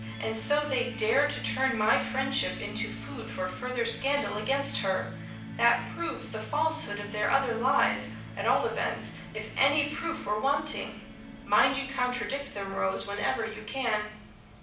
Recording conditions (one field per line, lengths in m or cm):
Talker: one person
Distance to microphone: 5.8 m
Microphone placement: far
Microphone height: 1.8 m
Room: medium-sized (5.7 m by 4.0 m)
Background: music